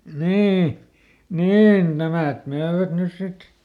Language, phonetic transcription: Finnish, ˈnii , "niin ˈnämä̀t ˈmöövät ˈnys ˈsit .
- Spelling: niin niin nämä myivät nyt sitten

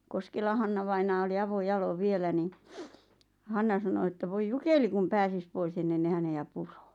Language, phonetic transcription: Finnish, 'Koskela Hannavainaa oli 'avo'jalov "vielä ni , 'Hanna sano ᵉttä » voi "jukeli kum 'pääsis 'pois ennen ne 'häne₍ä 'purᴏᴏ « .
- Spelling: Koskelan Hanna-vainaja oli avojaloin vielä niin Hanna sanoi että voi jukeli kun pääsisi pois ennen ne häntä puree

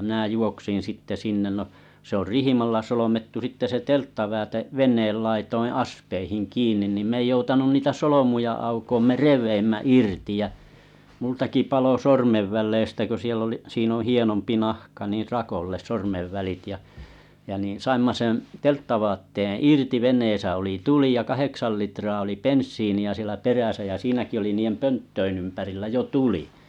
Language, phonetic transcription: Finnish, minä̀ 'juoksin 'sitte "sinnen no , se ‿or "rihimalla 'solomettu sitte se "telttavä̳ä̳te , 'ven̆neel laitoiiḭ "aspeihiŋ "kiin̆nin nim 'm ‿ei joutanun 'niitä 'solomuja aukoom me "rev̀eimmä "irti jä , multaki 'palo "sormevväl̀leistä kö siell ‿oli , siin ‿oo̰ 'hienompi 'nahka niir 'rakolles 'sormevvälit ja , jä niḭ 'saimma 'sen̬ 'telttavatteeᵉ̰ "irti 'veǹeesä oli "tuli ja 'kaheksal litraa oli "penssiini₍ä sielä 'peräsä jä 'siinäki oli 'niijem "pönttöin ‿ympärillä 'jo "tuli .
- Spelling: minä juoksin sitten sinne no se on rihmalla solmittu sitten se telttavaate veneen laitojen aspeihin kiinni niin minä ei joutanut niitä solmuja aukoa me revimme irti ja minultakin paloi sormenväleistä kun siellä oli siinä on hienompi nahka niin rakolle sormenvälit ja ja niin saimme sen telttavaatteen irti veneessä oli tuli ja kahdeksan litraa oli bensiiniä siellä perässä ja siinäkin oli niiden pönttöjen ympärillä jo tuli

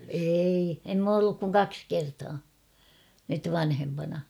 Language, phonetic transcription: Finnish, eei , em m ‿oo olluk kuŋ "kaks 'kertaa , nyt 'vanhempana .
- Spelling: ei en minä ole ollut kuin kaksi kertaa nyt vanhempana

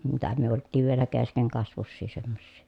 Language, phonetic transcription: Finnish, mitä myö olttiiv vielä keskeŋkasvussii semmossii .
- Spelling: mitä me oltiin vielä keskenkasvuisia semmoisia

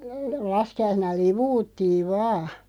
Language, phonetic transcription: Finnish, 'laski₍aisena "livuuttiiv 'vaa .
- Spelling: laskiaisena liu'uttiin vain

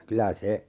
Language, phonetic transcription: Finnish, "kylä 'se ,.
- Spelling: kyllä se

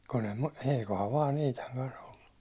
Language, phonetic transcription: Finnish, kun ‿em ma , 'eikohav 'vaan 'Iitaŋ kan's ‿ollu .
- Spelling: kun en minä eiköhän vain Iitan kanssa ollut

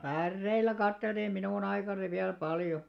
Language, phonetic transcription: Finnish, 'pärreil̆lä 'katteltiim̆ 'minùn ‿aikanᵃni viäl 'paljo .
- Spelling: päreillä katseltiin minun aikanani vielä paljon

